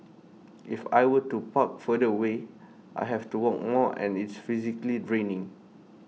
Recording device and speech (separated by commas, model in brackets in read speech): mobile phone (iPhone 6), read sentence